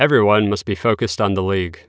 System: none